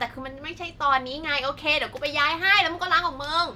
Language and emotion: Thai, angry